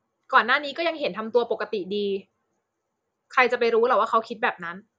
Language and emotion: Thai, neutral